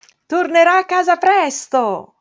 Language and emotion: Italian, happy